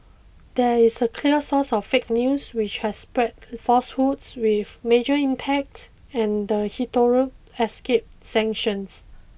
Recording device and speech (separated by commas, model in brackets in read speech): boundary microphone (BM630), read sentence